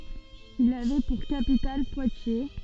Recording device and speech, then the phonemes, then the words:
soft in-ear microphone, read sentence
il avɛ puʁ kapital pwatje
Il avait pour capitale Poitiers.

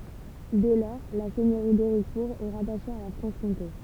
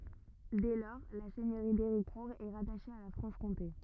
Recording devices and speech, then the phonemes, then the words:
temple vibration pickup, rigid in-ear microphone, read sentence
dɛ lɔʁ la sɛɲøʁi deʁikuʁ ɛ ʁataʃe a la fʁɑ̃ʃkɔ̃te
Dès lors, la seigneurie d’Héricourt est rattachée à la Franche-Comté.

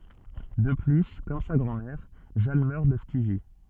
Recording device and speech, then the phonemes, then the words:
soft in-ear microphone, read sentence
də ply kɔm sa ɡʁɑ̃dmɛʁ ʒan mœʁ də ftizi
De plus, comme sa grand-mère, Jeanne meurt de phtisie.

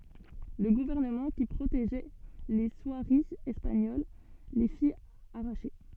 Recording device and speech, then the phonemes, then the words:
soft in-ear microphone, read sentence
lə ɡuvɛʁnəmɑ̃ ki pʁoteʒɛ le swaʁiz ɛspaɲol le fi aʁaʃe
Le gouvernement qui protégeait les soieries espagnoles les fit arracher.

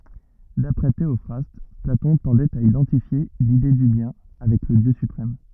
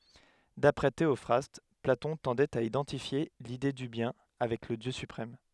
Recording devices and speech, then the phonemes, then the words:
rigid in-ear microphone, headset microphone, read sentence
dapʁɛ teɔfʁast platɔ̃ tɑ̃dɛt a idɑ̃tifje lide dy bjɛ̃ avɛk lə djø sypʁɛm
D’après Théophraste, Platon tendait à identifier l’Idée du Bien avec le Dieu suprême.

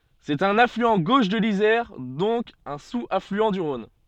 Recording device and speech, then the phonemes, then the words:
soft in-ear microphone, read sentence
sɛt œ̃n aflyɑ̃ ɡoʃ də lizɛʁ dɔ̃k œ̃ suz aflyɑ̃ dy ʁɔ̃n
C'est un affluent gauche de l'Isère, donc un sous-affluent du Rhône.

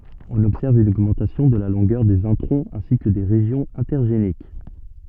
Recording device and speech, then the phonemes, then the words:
soft in-ear microphone, read sentence
ɔ̃n ɔbsɛʁv yn oɡmɑ̃tasjɔ̃ də la lɔ̃ɡœʁ dez ɛ̃tʁɔ̃z ɛ̃si kə de ʁeʒjɔ̃z ɛ̃tɛʁʒenik
On observe une augmentation de la longueur des introns ainsi que des régions intergéniques.

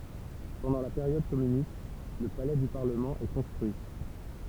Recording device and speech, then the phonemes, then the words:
temple vibration pickup, read sentence
pɑ̃dɑ̃ la peʁjɔd kɔmynist lə palɛ dy paʁləmɑ̃ ɛ kɔ̃stʁyi
Pendant la période communiste, le palais du Parlement est construit.

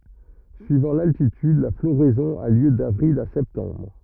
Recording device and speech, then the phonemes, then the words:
rigid in-ear microphone, read sentence
syivɑ̃ laltityd la floʁɛzɔ̃ a ljø davʁil a sɛptɑ̃bʁ
Suivant l'altitude, la floraison a lieu d'avril à septembre.

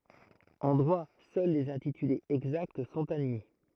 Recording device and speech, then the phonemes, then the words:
throat microphone, read sentence
ɑ̃ dʁwa sœl lez ɛ̃titylez ɛɡzakt sɔ̃t admi
En droit, seuls les intitulés exacts sont admis.

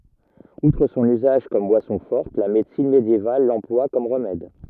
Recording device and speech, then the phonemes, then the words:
rigid in-ear microphone, read sentence
utʁ sɔ̃n yzaʒ kɔm bwasɔ̃ fɔʁt la medəsin medjeval lɑ̃plwa kɔm ʁəmɛd
Outre son usage comme boisson forte, la médecine médiévale l'emploie comme remède.

